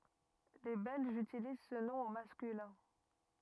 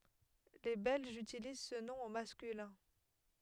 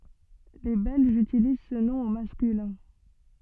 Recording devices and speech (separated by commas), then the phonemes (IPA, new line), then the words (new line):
rigid in-ear microphone, headset microphone, soft in-ear microphone, read sentence
le bɛlʒz ytiliz sə nɔ̃ o maskylɛ̃
Les Belges utilisent ce nom au masculin.